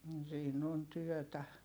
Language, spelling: Finnish, mm siinä on työtä
- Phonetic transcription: m̥ siin ‿on tyɔ̈̀tä .

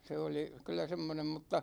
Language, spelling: Finnish, se oli kyllä semmoinen mutta
- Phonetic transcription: 'se oli , kyl̆lä 'semmonem mutta ,.

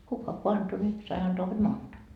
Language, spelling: Finnish, kuka kun antoi niin sai antaa hod monta
- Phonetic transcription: 'kuka ko "anto ńi , sai 'antoa hod "monta .

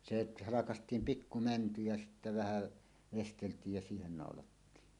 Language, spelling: Finnish, se halkaistiin pikku mänty ja sitten vähän veisteltiin ja siihen naulattiin
- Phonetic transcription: 'set , 'halakast̀iim "pikku "mänty ja sittä 'vähä̀ , "vestelt̀iij ja 'siihen 'nàolattiin .

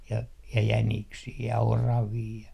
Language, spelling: Finnish, ja jäniksiä ja oravia ja
- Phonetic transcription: ja "jäniksii ja "oravii ja .

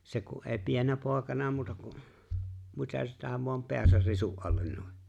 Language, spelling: Finnish, se kun ei pienenä poikana muuta kuin mitä sitä vain päänsä risun alle noin
- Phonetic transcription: 'se ku’ ’eeⁱ "piennä 'pòekana muuta ku’ , '(mitä) sitä voam 'pe̬äsär 'risu’ '’allen no̭ḙ .

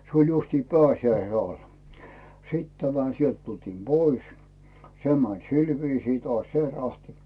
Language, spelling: Finnish, se oli justiin pääsiäisen alla sitten tämä sieltä tultiin pois se meni sillä viisiin taas se rahti
- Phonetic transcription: se oĺ justii "pääsjäise 'ai , "sit 'tämä , 'sielt 'tultiim "Bois , "se män 'sil 'viisii 'toàś "se 'rahtɪ .

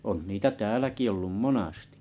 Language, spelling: Finnish, on niitä täälläkin ollut monasti
- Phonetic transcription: on niitä 'tääläki ollum "monastɪ .

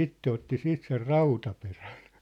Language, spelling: Finnish, itse otti siitä sen rautaperän
- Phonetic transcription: itte otti 'siit ser "rautaperän̬ .

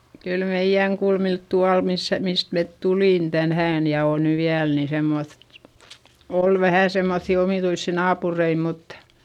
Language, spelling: Finnish, kyllä meidän kulmilla tuolla missä mistä me tulimme tänään ja on nyt vielä niin semmoista oli vähän semmoisia omituisia naapureita mutta
- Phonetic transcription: kyl meiʲäŋ kulmilt tual missä , mist met tulìn tänhään - ja òn ny viäl ni semmoϑ , òl vähä̀ semmoϑϑi omìtuissi naapurei muttA ,.

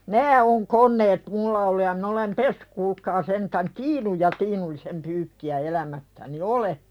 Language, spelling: Finnish, nämä on koneet minulla ollut ja minä olen pessyt kuulkaa sentään tiinun ja tiinullisen pyykkiä elämässäni olen
- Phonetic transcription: nää on 'kon̆neet "mulla ollu ja min ‿olem "pessʏk kuulkaa sentän "tiinuj ja 'tiinullisem pyykki₍ä 'elämässäni "ole .

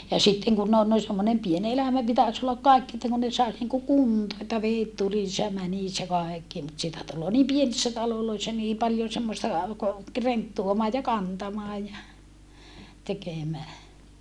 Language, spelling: Finnish, ja sitten kun on noin semmoinen pieni elämä pitäisi olla kaikki että kun ne saisi niin kuin kuntoon että vedet tulisi ja menisi ja kaikki mutta sitä tulee niin pienissä taloissa niin paljon semmoista ka renttuamaa ja kantamaa ja tekemää
- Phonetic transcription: ja sitteŋ kunn ‿on noi semmonem pien elämä pitäs ollak kàikki että kun ne sais niŋku kuntoo että veet tulis ja mänis ja kaekki mut sitä tulloo nim pienissä taloloissa nii paljon̬ semmosta ka , renttuomaa ja kantamaa ja , tekemää .

